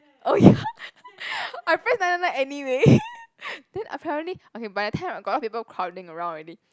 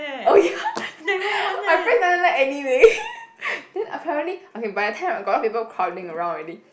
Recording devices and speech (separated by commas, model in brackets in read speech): close-talking microphone, boundary microphone, conversation in the same room